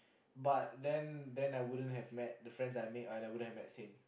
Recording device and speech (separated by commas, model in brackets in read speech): boundary microphone, conversation in the same room